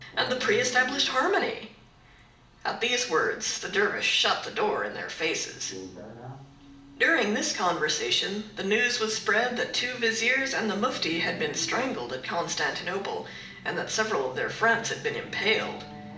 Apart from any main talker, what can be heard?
A television.